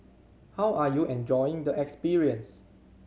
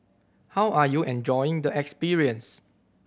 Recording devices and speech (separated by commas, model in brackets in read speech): mobile phone (Samsung C7100), boundary microphone (BM630), read sentence